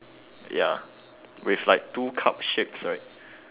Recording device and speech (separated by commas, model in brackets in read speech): telephone, conversation in separate rooms